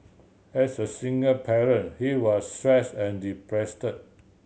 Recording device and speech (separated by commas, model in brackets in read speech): mobile phone (Samsung C7100), read sentence